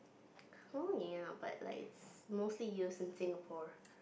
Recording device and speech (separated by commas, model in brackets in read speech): boundary microphone, conversation in the same room